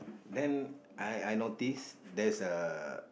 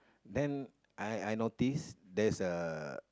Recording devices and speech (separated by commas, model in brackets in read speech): boundary microphone, close-talking microphone, conversation in the same room